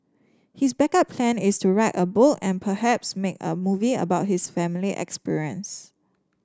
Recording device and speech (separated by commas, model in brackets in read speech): standing microphone (AKG C214), read sentence